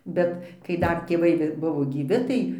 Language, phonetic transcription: Lithuanian, ˈbet kai ˈdar tėˈvai gi ˈbuvo gyˈvi ˈtai

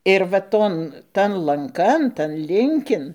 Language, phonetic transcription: Lithuanian, ir va ˈton ˈtan lanˈkan tan ˈlinkin

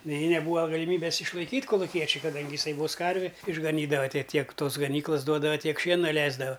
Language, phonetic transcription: Lithuanian, nei neˈbūa galiˈmybes išlaiˈkyt' koluˈkiečiui kaˈdangi jiˈsai vos ˈkarvi išgaˈnydava ˈtie ˈtiek ˈtos gaˈnyklas ˈduodava ˈtiek ˈšiena ˈleisdava

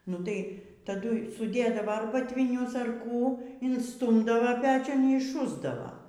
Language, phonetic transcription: Lithuanian, nu ˈtai taˈdui suˈdėdava ar batviˈnius ar ˈkų insˈtūmdava ˈpečiun y išˈšusdavo

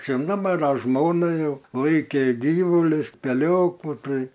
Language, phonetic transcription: Lithuanian, ˈčia ˈnu ˈmana ˈžmona ˈjau ˈlaikė ˈgyvulius teˈliokų ˈtai

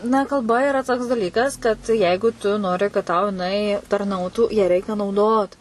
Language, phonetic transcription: Lithuanian, na kalˈba iˈra toks daˈlykas kad ˈjeigu tu ˈnori kad tau jiˈnai tarˈnautų ją ˈreikia nauˈdot

